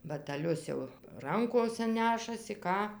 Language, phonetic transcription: Lithuanian, batæˈlius jau ˈrankose ˈnešasi ˈką

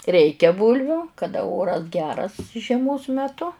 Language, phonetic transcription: Lithuanian, ˈreikia ˈbūlviu kaˈda ˈoras ˈgeras žieˈmos meˈtu

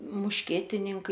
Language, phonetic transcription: Lithuanian, mušˈkietininkai

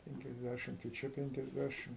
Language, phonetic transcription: Lithuanian, ˌpenkiasˈdæšimt i ˈčia ˌpenkiasˈdæšim

